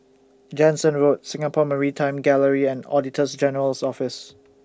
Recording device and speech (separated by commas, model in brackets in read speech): standing microphone (AKG C214), read sentence